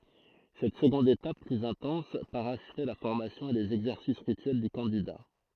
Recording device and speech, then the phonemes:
throat microphone, read sentence
sɛt səɡɔ̃d etap plyz ɛ̃tɑ̃s paʁaʃvɛ la fɔʁmasjɔ̃ e lez ɛɡzɛʁsis ʁityɛl dy kɑ̃dida

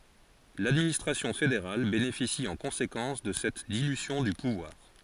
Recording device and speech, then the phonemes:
forehead accelerometer, read sentence
ladministʁasjɔ̃ fedeʁal benefisi ɑ̃ kɔ̃sekɑ̃s də sɛt dilysjɔ̃ dy puvwaʁ

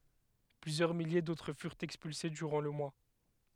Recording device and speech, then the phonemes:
headset microphone, read sentence
plyzjœʁ milje dotʁ fyʁt ɛkspylse dyʁɑ̃ lə mwa

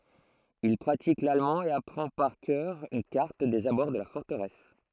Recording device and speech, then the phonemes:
throat microphone, read sentence
il pʁatik lalmɑ̃ e apʁɑ̃ paʁ kœʁ yn kaʁt dez abɔʁ də la fɔʁtəʁɛs

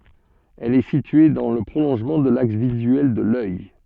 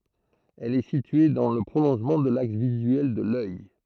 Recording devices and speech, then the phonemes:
soft in-ear microphone, throat microphone, read sentence
ɛl ɛ sitye dɑ̃ lə pʁolɔ̃ʒmɑ̃ də laks vizyɛl də lœj

